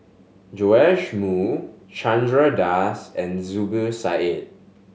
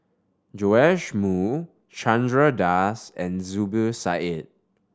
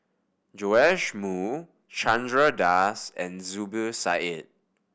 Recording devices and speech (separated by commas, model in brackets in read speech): mobile phone (Samsung S8), standing microphone (AKG C214), boundary microphone (BM630), read sentence